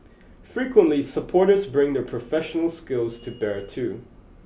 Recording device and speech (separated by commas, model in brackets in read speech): boundary microphone (BM630), read sentence